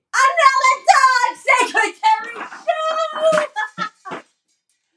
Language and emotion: English, happy